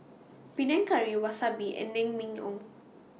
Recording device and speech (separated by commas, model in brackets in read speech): mobile phone (iPhone 6), read sentence